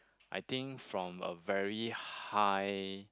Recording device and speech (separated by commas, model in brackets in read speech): close-talking microphone, conversation in the same room